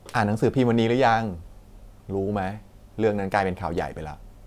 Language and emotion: Thai, neutral